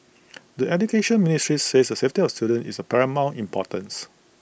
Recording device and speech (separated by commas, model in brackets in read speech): boundary microphone (BM630), read sentence